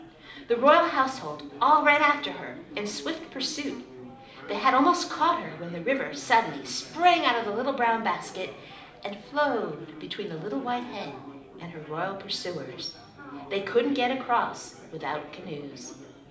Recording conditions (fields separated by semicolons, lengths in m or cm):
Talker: one person; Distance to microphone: 2.0 m; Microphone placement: close; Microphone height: 99 cm; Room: medium-sized (5.7 m by 4.0 m); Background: babble